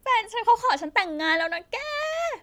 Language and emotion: Thai, happy